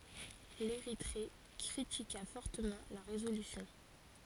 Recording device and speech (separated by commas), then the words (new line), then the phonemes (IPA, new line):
forehead accelerometer, read sentence
L'Érythrée critiqua fortement la résolution.
leʁitʁe kʁitika fɔʁtəmɑ̃ la ʁezolysjɔ̃